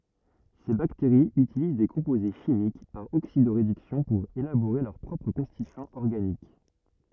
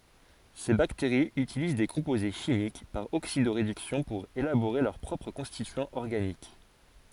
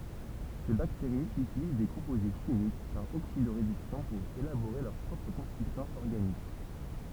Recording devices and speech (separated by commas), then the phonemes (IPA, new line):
rigid in-ear microphone, forehead accelerometer, temple vibration pickup, read sentence
se bakteʁiz ytiliz de kɔ̃poze ʃimik paʁ oksido ʁedyksjɔ̃ puʁ elaboʁe lœʁ pʁɔpʁ kɔ̃stityɑ̃z ɔʁɡanik